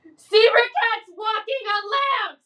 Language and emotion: English, sad